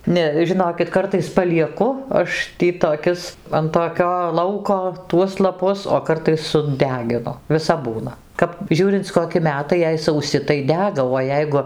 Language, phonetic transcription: Lithuanian, ˈne žiˈnokit ˈkartais palieˈku ˈaš ˈtį toˈkis an toˈkio ˈlauko tuos laˈpus o ˈkartais suˈdeginu viˈsap ˈbūna ˈkap ˈžiūrinc koˈki ˈmetai jei sauˈsi tai ˈdega o ˈjeigu

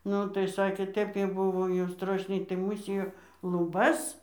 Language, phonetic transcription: Lithuanian, ˈnu tai ˈsakė ˈtep kai ˈbuvo jau ˈstrošniai tai ˈmūsijo luˈbas

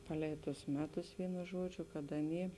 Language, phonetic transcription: Lithuanian, ˈpaˌlei tus ˈmeˌtus ˈvynu ˈžuodžiu kad ˈaˌny

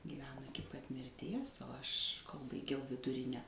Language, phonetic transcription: Lithuanian, gyˈveno ˈiki pat mirˈties o ˈaš kol baiˈgiau viduˈrine

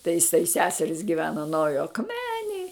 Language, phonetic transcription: Lithuanian, tai iˈsai ˈseseris giˈvena nauˈjo akˈmenėj

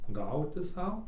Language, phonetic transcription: Lithuanian, ˈgauti ˈsau

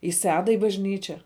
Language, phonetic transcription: Lithuanian, i ˈsedą i bažˈnyčia

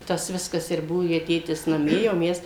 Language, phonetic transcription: Lithuanian, ˈtas ˈviskas ir ˈbuo jei ˈtėtis naˈmie jau ˈmes

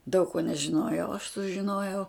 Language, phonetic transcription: Lithuanian, daug ko nežiˈnojau aš sužiˈnojau

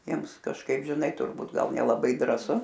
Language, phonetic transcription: Lithuanian, ˈjiems kažˈkaip žiˈnai turˈbūt ˈgal nelaˈbai drąˈsu

